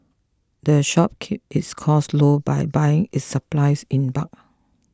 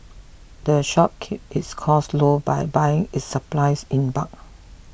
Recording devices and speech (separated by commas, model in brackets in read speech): close-talking microphone (WH20), boundary microphone (BM630), read sentence